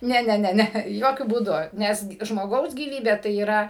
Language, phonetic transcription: Lithuanian, ˈne ˈne ˈne ˈne ˈjokiu būˈdu ˈnes g žmoˈgaus gyˈvybė tai yˈra

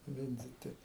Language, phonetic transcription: Lithuanian, ˈvindziti

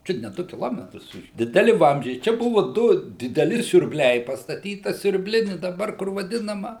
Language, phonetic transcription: Lithuanian, ˈčiut ne ˈdu kiˈlometrus dideˈli ˈvamzdžiai ˈčia ˈbuvu ˈdu dideˈli siurbˈliai pastaˈtyta siurbˈlini daˈbar kur vaˈdinama

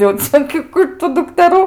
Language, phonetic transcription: Lithuanian, jau ˈcia gi ˈkų itu dukteˈrų

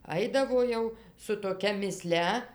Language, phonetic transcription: Lithuanian, ˈaidavo jau su toˈkia miˈslia

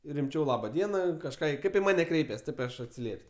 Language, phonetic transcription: Lithuanian, rimˈčiau ˈlaba ˈdiena kažˈką ˈkaip i ˈmane ˈkreipias ˈtaip i ˈaš atsiˈliep's'

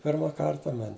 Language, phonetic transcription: Lithuanian, ˈpirma ˈkarta man'

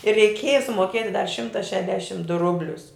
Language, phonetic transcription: Lithuanian, ir reiˈkėja sumoˈkieti dar ˈšimta ˈšedešim du ˈrublius

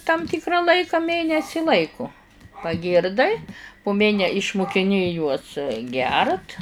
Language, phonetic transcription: Lithuanian, tam ˈtikra ˈlaika ˈmėnesi ˈlaiko paˈgyrdai pu ˈmėne išmukiˈni juos ˈgert

